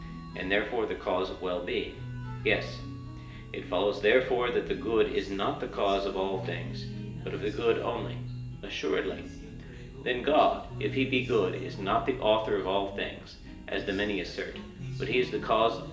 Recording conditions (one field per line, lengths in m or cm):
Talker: one person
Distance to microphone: 1.8 m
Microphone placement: close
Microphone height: 1.0 m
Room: large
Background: music